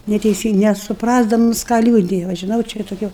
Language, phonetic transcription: Lithuanian, neteiˈsyng nesuˈprasdamus ką ˈliūdija va žiˈnau čia iˈra tuˈkia

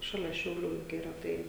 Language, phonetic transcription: Lithuanian, ˈšalia šiauˈlių juk yˈra ˈtai

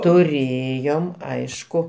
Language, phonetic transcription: Lithuanian, tuˈrėjom ˈaišku

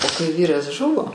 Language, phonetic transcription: Lithuanian, o kai ˈvyras ˈžuvo

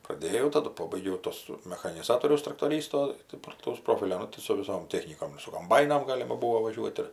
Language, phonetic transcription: Lithuanian, praˈdėjau taˈdu ˈpobaigiau ˈtuos mechaniˈzatoriaus traktoˈrysto tai plaˈtaus ˈprofilio ˈnu tai su viˈsom ˈtechnykom ir su komˈbainom ˈgalima ˈbūo vaˈžiuot' ir

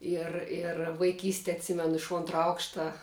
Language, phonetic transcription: Lithuanian, ir ir vaiˈkyste atˈsimenu iš ˈontra ˈaukšta

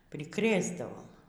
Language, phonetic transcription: Lithuanian, priˈkrėsdavom

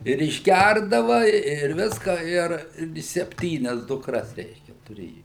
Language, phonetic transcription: Lithuanian, ir išˈgærdava ir ˈviska ˈir ˈirgi sepˈtynias dukˈras ˈreiškia tuˈrėju

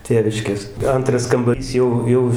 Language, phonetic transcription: Lithuanian, ˈtėviškės ˈantras kambaˈrys ˈjau ˈjau

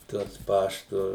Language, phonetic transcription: Lithuanian, ˈtuos ˈpaštu

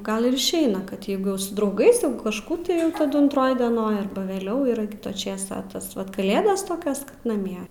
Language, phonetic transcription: Lithuanian, ˈgal ir išˈeina kad ˈjeigu jau su drauˈgais jau kažˈkų tai ˈjau taˈdu antˈroj dieˈnoj ˈarba veˈliau ir ˈkita ˈčėsa a ˈtas vat kaˈlėdas ˈtokios kad naˈmie

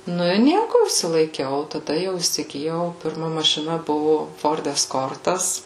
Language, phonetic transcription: Lithuanian, ˈnu i ˈnieku išsilaiˈkiau o taˈda jau įsigiˈjau pirˈma mašiˈna ˈbuvo ˈford esˈkortas

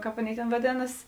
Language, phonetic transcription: Lithuanian, ˈkāp ˈaˌnėi tėn vaˈdėnas

